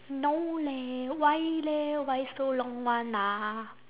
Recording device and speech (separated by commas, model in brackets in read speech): telephone, conversation in separate rooms